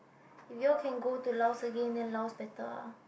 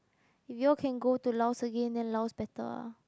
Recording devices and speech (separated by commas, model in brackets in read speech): boundary microphone, close-talking microphone, conversation in the same room